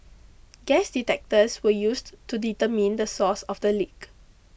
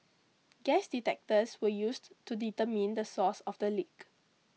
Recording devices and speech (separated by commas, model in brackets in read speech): boundary microphone (BM630), mobile phone (iPhone 6), read sentence